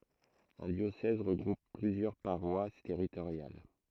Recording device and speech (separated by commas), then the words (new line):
throat microphone, read sentence
Un diocèse regroupe plusieurs paroisses territoriales.